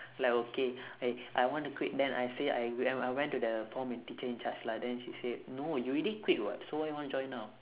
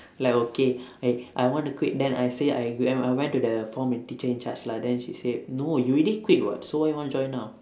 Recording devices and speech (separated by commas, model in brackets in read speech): telephone, standing microphone, conversation in separate rooms